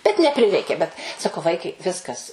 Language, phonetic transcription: Lithuanian, bet neˈprireikė bet saˈkau ˈvaikai ˈviskas

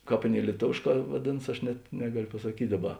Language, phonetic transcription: Lithuanian, ˈkāp ˈaˌnėi lieˈtovėšˌkā ˈvadėnas ˈaš net ˈnegalio pasaˈkyt' ˈdaˌba

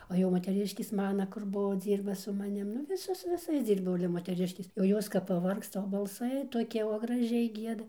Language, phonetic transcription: Lithuanian, o jau moteˈriškės ˈmana kur ˈbuvo ˈdzyrba su maˈnim nu ˈvisos su viˈsais ˈdzyrbau ale moteˈriškės jau ˈjos kap paˈvargsta o balˈsai toˈkie o graˈžiai ˈgieda

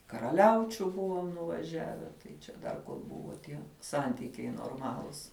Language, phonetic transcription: Lithuanian, karaˈliaučiu ˈbuvom nuvaˈžiave tai čia ˈdar ˈbuvo tie ˈsantikiai norˈmalus

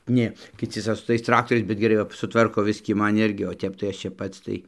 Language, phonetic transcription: Lithuanian, ˈnė kiˈci ˈsau su tais ˈtraktoriais bet geˈrai va suˈtvarko ˈbiskį ˈman ˈirgi o ˈtep tai ˈaš ˈčia ˈpats tai

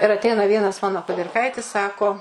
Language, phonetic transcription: Lithuanian, ir atˈeina vienas ˈmano kudirˈkaitis ˈsako

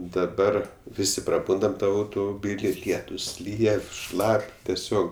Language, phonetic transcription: Lithuanian, daˈbar ˈvisi praˈbundam ˈtam autumuˈbyli ˈlietus ˈlyja ˈšlap' teˈsiog

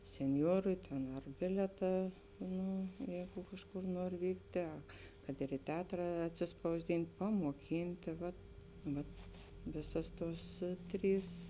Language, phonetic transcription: Lithuanian, senˈjorui ten ar ˈbilietą ˈnu ˈjeigu ˈkažˌkur ˈnuor ˈvyktė ˈa kad ir i ˈteatra atsispausˈdint' pamuoˈkyntė vat ˈvat ˈvėsas ˈtuos ˈtrys

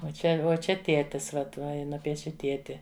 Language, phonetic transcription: Lithuanian, uo ˈčia uo ˈčia ˈtietis ˈvat ˈva ˈji ˈnupieši ˈtieti

